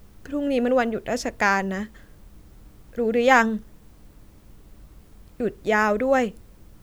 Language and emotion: Thai, sad